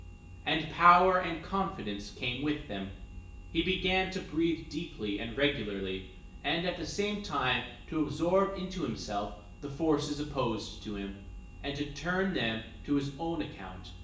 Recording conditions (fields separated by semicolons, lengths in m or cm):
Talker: one person; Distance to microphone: 1.8 m; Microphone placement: close; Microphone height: 1.0 m; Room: large; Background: none